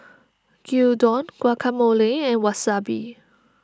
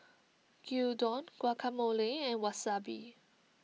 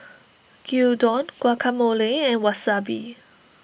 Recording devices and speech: standing microphone (AKG C214), mobile phone (iPhone 6), boundary microphone (BM630), read sentence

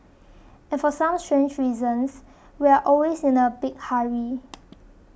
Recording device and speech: boundary microphone (BM630), read sentence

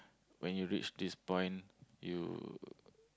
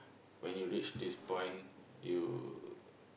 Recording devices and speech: close-talking microphone, boundary microphone, conversation in the same room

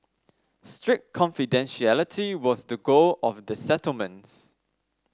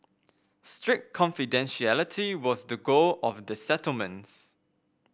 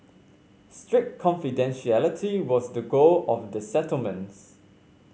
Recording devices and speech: standing microphone (AKG C214), boundary microphone (BM630), mobile phone (Samsung C5), read sentence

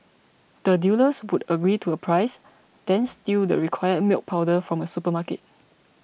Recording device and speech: boundary microphone (BM630), read sentence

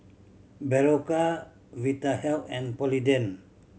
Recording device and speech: mobile phone (Samsung C7100), read sentence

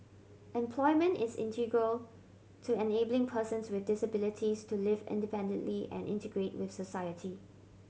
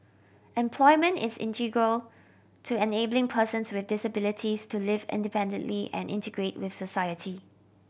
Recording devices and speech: mobile phone (Samsung C7100), boundary microphone (BM630), read sentence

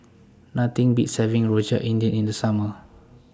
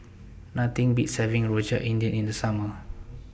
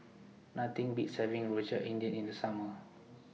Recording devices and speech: standing microphone (AKG C214), boundary microphone (BM630), mobile phone (iPhone 6), read sentence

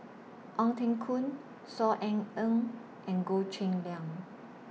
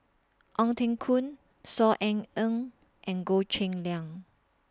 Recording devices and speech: mobile phone (iPhone 6), standing microphone (AKG C214), read sentence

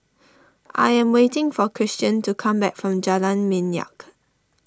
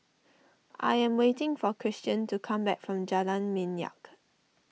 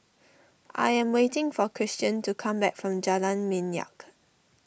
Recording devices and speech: standing microphone (AKG C214), mobile phone (iPhone 6), boundary microphone (BM630), read sentence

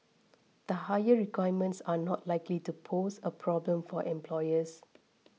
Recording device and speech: mobile phone (iPhone 6), read sentence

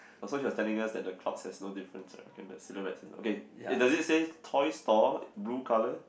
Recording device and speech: boundary microphone, conversation in the same room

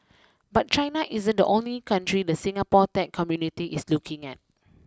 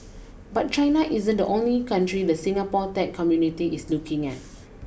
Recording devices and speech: close-talking microphone (WH20), boundary microphone (BM630), read sentence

